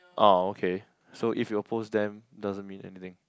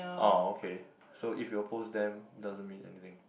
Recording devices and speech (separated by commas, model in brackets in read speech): close-talking microphone, boundary microphone, conversation in the same room